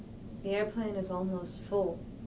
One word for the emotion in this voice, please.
neutral